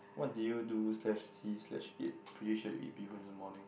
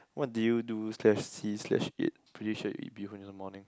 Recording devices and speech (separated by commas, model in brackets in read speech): boundary microphone, close-talking microphone, conversation in the same room